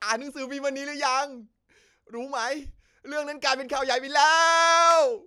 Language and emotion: Thai, happy